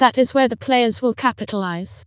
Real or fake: fake